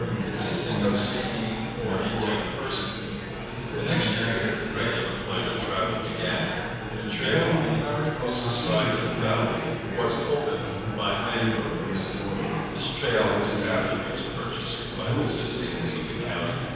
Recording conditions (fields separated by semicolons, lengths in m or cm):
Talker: one person; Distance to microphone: 7.1 m; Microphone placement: far; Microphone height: 1.7 m; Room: very reverberant, large; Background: babble